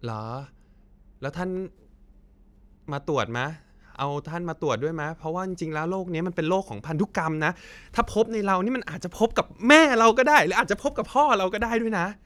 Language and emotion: Thai, happy